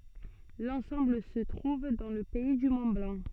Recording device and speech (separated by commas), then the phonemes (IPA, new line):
soft in-ear microphone, read sentence
lɑ̃sɑ̃bl sə tʁuv dɑ̃ lə pɛi dy mɔ̃tblɑ̃